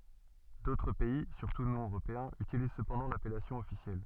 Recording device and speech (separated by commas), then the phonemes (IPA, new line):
soft in-ear microphone, read sentence
dotʁ pɛi syʁtu nɔ̃ øʁopeɛ̃z ytiliz səpɑ̃dɑ̃ lapɛlasjɔ̃ ɔfisjɛl